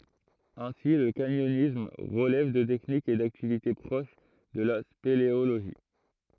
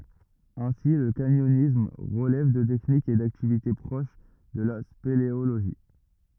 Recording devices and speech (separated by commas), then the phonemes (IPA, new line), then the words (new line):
throat microphone, rigid in-ear microphone, read sentence
ɛ̃si lə kaɲɔnism ʁəlɛv də tɛknikz e daktivite pʁoʃ də la speleoloʒi
Ainsi, le canyonisme relève de techniques et d'activités proches de la spéléologie.